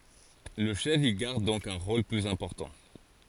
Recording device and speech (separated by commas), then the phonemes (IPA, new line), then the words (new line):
forehead accelerometer, read sentence
lə ʃɛf i ɡaʁd dɔ̃k œ̃ ʁol plyz ɛ̃pɔʁtɑ̃
Le chef y garde donc un rôle plus important.